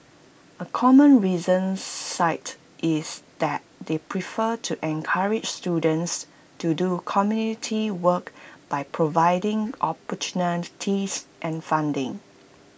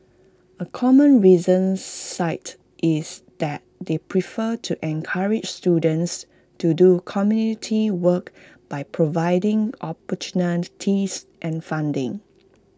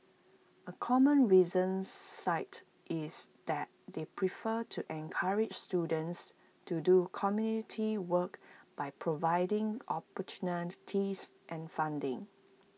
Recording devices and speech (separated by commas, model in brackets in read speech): boundary microphone (BM630), close-talking microphone (WH20), mobile phone (iPhone 6), read sentence